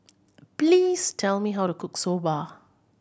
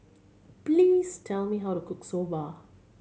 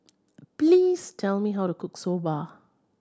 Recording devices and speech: boundary microphone (BM630), mobile phone (Samsung C7100), standing microphone (AKG C214), read sentence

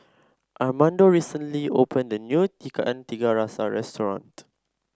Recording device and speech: standing microphone (AKG C214), read sentence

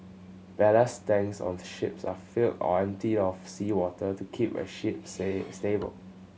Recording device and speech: mobile phone (Samsung C7100), read sentence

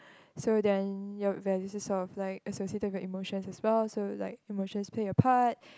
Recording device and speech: close-talking microphone, conversation in the same room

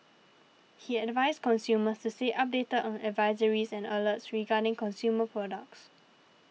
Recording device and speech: mobile phone (iPhone 6), read sentence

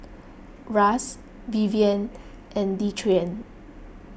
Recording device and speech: boundary microphone (BM630), read sentence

